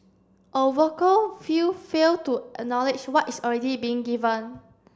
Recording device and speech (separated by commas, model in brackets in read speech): standing microphone (AKG C214), read sentence